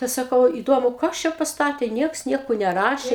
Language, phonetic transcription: Lithuanian, ˈtai saˈkau įˈdomu ˈkas čia pasˈtatė ˈnieks ˈnieko neˈrašė

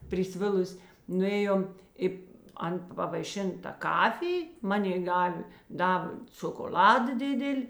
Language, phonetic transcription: Lithuanian, priˈsvilus' nuˈėjom i ˈan pavaiˈšin ta ˈkafij ˈmanėi ˈdavė ˈdavė ciokoˈl'ada ˈdidil'

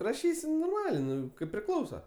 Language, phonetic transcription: Lithuanian, raˈšysi norˈmalė ˈnu kaip priˈklausa

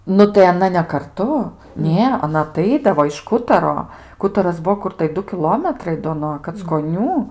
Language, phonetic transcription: Lithuanian, ˈnu tai aˈna ne karˈtu ˈnė aˈna aˈtaidavo iš ˈkutaro ˈkutaras ˈbuo ˈkur tai ˈdu kiˈlometrai do nuo kackoˈnių

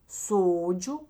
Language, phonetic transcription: Lithuanian, ˈsodžiu

